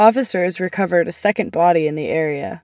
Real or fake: real